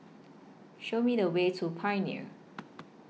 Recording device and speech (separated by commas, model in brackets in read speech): mobile phone (iPhone 6), read sentence